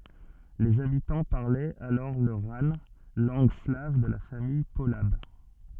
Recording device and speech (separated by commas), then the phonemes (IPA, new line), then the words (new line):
soft in-ear microphone, read sentence
lez abitɑ̃ paʁlɛt alɔʁ lə ʁan lɑ̃ɡ slav də la famij polab
Les habitants parlaient alors le rane, langue slave de la famille polabe.